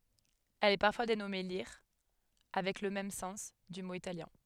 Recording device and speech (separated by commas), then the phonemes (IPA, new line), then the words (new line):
headset microphone, read sentence
ɛl ɛ paʁfwa denɔme liʁ avɛk lə mɛm sɑ̃s dy mo italjɛ̃
Elle est parfois dénommée lire avec le même sens, du mot italien.